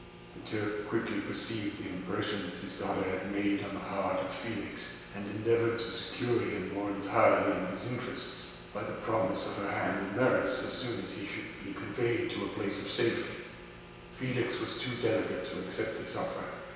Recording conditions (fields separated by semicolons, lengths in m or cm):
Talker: one person; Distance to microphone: 1.7 m; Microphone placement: close; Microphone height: 1.0 m; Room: very reverberant, large; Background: none